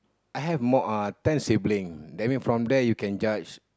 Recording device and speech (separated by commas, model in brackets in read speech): close-talking microphone, conversation in the same room